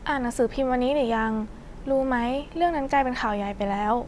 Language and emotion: Thai, neutral